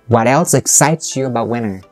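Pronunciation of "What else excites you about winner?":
The word 'winter' at the end of the question is stressed.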